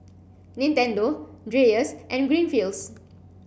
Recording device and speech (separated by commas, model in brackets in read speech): boundary microphone (BM630), read sentence